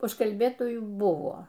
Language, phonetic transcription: Lithuanian, užkalˈbėtojų ˈbuvo

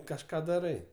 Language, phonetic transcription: Lithuanian, kažˈką daˈrai

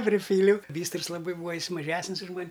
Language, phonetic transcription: Lithuanian, priˈpyliau ˈbystrɨs laˈbai ˈbūa ˈjis maˈžesnis už ˈman'

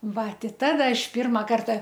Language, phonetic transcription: Lithuanian, ˈva ˈti ˈtada ˈaš ˈpirma ˈkarta

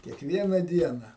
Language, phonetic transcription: Lithuanian, kiekˈviena ˈdiena

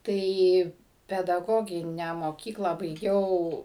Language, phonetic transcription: Lithuanian, ˈtai pedaˈgoginę moˈkyklą baiˈgiau

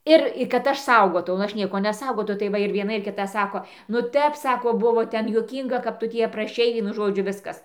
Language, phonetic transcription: Lithuanian, ˈir kad ˈaš ˈsaugotau nu ˈaš ˈnieko neˈsaugau ˈnu tai ˈva ir vieˈna ir kiˈta ˈsako nu ˈtep ˈsako ˈbuvo ˈten juoˈkynga kap ˈtu tį apraˈšei ˈvienu ˈžodžiu ˈviskas

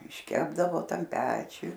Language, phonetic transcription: Lithuanian, išˈkepdavo ˈtam ˈpečiuj

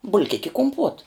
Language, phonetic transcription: Lithuanian, bulˈkik' i kumˈpuot

